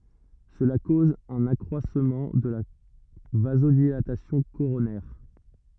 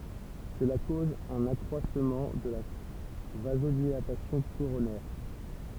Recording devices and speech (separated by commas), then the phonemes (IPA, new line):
rigid in-ear microphone, temple vibration pickup, read sentence
səla koz œ̃n akʁwasmɑ̃ də la vazodilatasjɔ̃ koʁonɛʁ